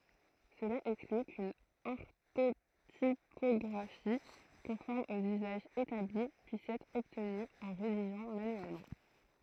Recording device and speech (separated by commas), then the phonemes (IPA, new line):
throat microphone, read sentence
səla ɛkskly kyn ɔʁtotipɔɡʁafi kɔ̃fɔʁm oz yzaʒz etabli pyis ɛtʁ ɔbtny ɑ̃ ʁediʒɑ̃ manyɛlmɑ̃